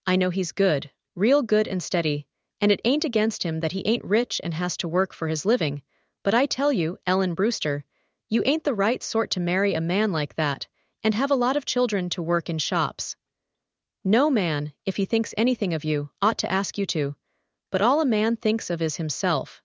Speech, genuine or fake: fake